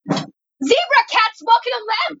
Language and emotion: English, surprised